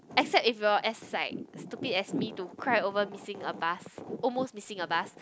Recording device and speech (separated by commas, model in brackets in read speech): close-talking microphone, conversation in the same room